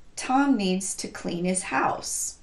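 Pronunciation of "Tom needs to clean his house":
The pronoun 'his' is reduced and linked to 'clean', the word right before it.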